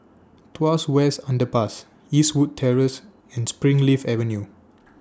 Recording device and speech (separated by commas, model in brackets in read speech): standing microphone (AKG C214), read sentence